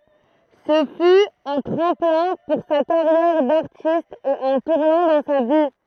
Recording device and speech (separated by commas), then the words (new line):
throat microphone, read sentence
Ce fut un tremplin pour sa carrière d'artiste et un tournant dans sa vie.